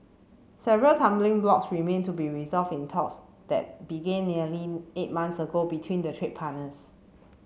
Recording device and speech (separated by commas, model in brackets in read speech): mobile phone (Samsung C7), read sentence